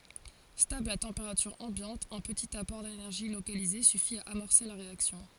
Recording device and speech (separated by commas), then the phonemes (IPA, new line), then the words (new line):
forehead accelerometer, read sentence
stabl a tɑ̃peʁatyʁ ɑ̃bjɑ̃t œ̃ pətit apɔʁ denɛʁʒi lokalize syfi a amɔʁse la ʁeaksjɔ̃
Stable à température ambiante, un petit apport d'énergie localisé suffit à amorcer la réaction.